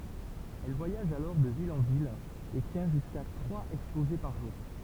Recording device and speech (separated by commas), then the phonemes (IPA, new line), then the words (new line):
temple vibration pickup, read sentence
ɛl vwajaʒ alɔʁ də vil ɑ̃ vil e tjɛ̃ ʒyska tʁwaz ɛkspoze paʁ ʒuʁ
Elle voyage alors de ville en ville et tient jusqu'à trois exposés par jour.